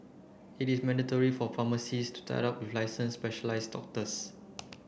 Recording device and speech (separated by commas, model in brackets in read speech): boundary microphone (BM630), read sentence